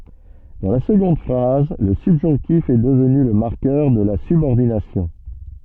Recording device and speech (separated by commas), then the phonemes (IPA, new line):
soft in-ear microphone, read sentence
dɑ̃ la səɡɔ̃d fʁaz lə sybʒɔ̃ktif ɛ dəvny lə maʁkœʁ də la sybɔʁdinasjɔ̃